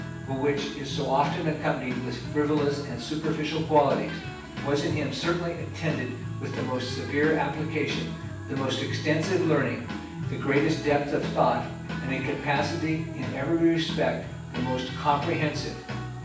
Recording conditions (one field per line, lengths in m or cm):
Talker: one person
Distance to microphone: 9.8 m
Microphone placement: far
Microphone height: 1.8 m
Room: large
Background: music